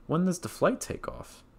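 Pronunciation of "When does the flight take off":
The voice falls on 'off' at the end of the question.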